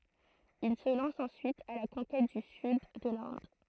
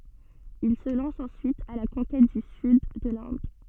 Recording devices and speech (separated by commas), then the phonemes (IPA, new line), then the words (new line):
throat microphone, soft in-ear microphone, read sentence
il sə lɑ̃s ɑ̃syit a la kɔ̃kɛt dy syd də lɛ̃d
Il se lance ensuite à la conquête du Sud de l'Inde.